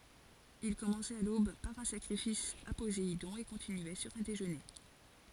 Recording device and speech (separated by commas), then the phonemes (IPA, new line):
forehead accelerometer, read sentence
il kɔmɑ̃sɛt a lob paʁ œ̃ sakʁifis a pozeidɔ̃ e kɔ̃tinyɛ syʁ œ̃ deʒøne